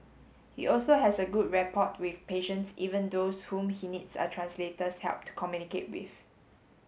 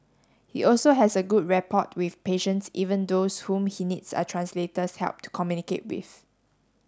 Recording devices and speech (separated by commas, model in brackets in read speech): mobile phone (Samsung S8), standing microphone (AKG C214), read sentence